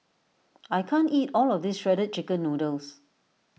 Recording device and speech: mobile phone (iPhone 6), read sentence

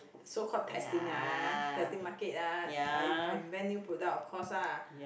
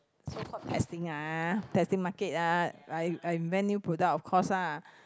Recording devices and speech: boundary microphone, close-talking microphone, conversation in the same room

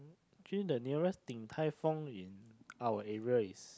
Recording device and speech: close-talking microphone, conversation in the same room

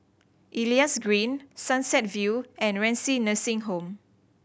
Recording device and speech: boundary microphone (BM630), read sentence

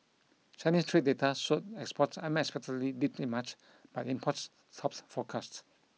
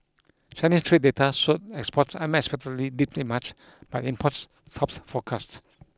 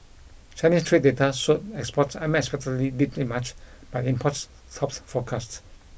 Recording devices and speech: mobile phone (iPhone 6), close-talking microphone (WH20), boundary microphone (BM630), read sentence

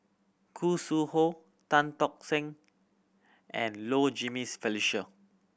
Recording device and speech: boundary microphone (BM630), read sentence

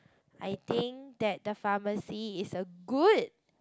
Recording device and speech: close-talking microphone, conversation in the same room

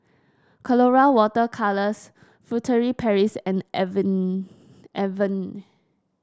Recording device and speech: standing microphone (AKG C214), read sentence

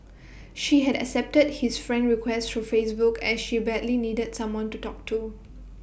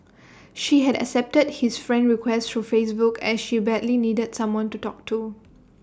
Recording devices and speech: boundary microphone (BM630), standing microphone (AKG C214), read sentence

